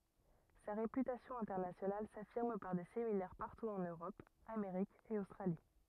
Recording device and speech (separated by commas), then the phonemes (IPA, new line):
rigid in-ear microphone, read sentence
sa ʁepytasjɔ̃ ɛ̃tɛʁnasjonal safiʁm paʁ de seminɛʁ paʁtu ɑ̃n øʁɔp ameʁik e ostʁali